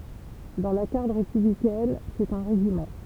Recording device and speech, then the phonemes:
temple vibration pickup, read sentence
dɑ̃ la ɡaʁd ʁepyblikɛn sɛt œ̃ ʁeʒimɑ̃

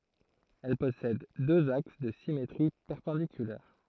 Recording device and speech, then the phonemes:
throat microphone, read sentence
ɛl pɔsɛd døz aks də simetʁi pɛʁpɑ̃dikylɛʁ

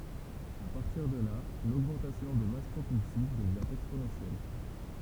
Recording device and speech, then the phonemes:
temple vibration pickup, read sentence
a paʁtiʁ də la loɡmɑ̃tasjɔ̃ də mas pʁopylsiv dəvjɛ̃ ɛksponɑ̃sjɛl

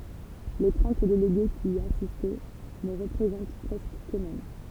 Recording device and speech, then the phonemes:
temple vibration pickup, read sentence
le tʁɑ̃t deleɡe ki i asist nə ʁəpʁezɑ̃t pʁɛskə køksmɛm

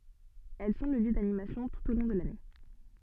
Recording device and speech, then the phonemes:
soft in-ear microphone, read sentence
ɛl sɔ̃ lə ljø danimasjɔ̃ tut o lɔ̃ də lane

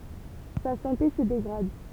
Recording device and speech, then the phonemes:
temple vibration pickup, read sentence
sa sɑ̃te sə deɡʁad

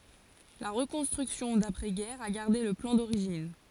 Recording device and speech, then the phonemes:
forehead accelerometer, read sentence
la ʁəkɔ̃stʁyksjɔ̃ dapʁɛ ɡɛʁ a ɡaʁde lə plɑ̃ doʁiʒin

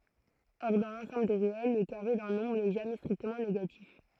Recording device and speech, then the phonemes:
throat microphone, read sentence
ɔʁ dɑ̃ lɑ̃sɑ̃bl de ʁeɛl lə kaʁe dœ̃ nɔ̃bʁ nɛ ʒamɛ stʁiktəmɑ̃ neɡatif

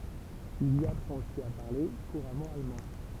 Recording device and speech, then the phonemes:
temple vibration pickup, read sentence
il i apʁɑ̃t osi a paʁle kuʁamɑ̃ almɑ̃

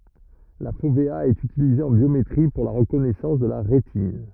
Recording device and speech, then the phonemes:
rigid in-ear microphone, read sentence
la fovea ɛt ytilize ɑ̃ bjometʁi puʁ la ʁəkɔnɛsɑ̃s də la ʁetin

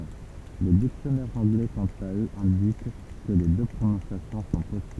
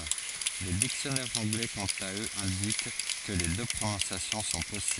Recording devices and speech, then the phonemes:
temple vibration pickup, forehead accelerometer, read sentence
le diksjɔnɛʁz ɑ̃ɡlɛ kɑ̃t a øz ɛ̃dik kə le dø pʁonɔ̃sjasjɔ̃ sɔ̃ pɔsibl

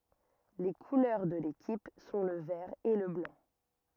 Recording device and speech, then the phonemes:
rigid in-ear microphone, read sentence
le kulœʁ də lekip sɔ̃ lə vɛʁ e lə blɑ̃

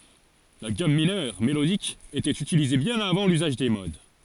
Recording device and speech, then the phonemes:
forehead accelerometer, read sentence
la ɡam minœʁ melodik etɛt ytilize bjɛ̃n avɑ̃ lyzaʒ de mod

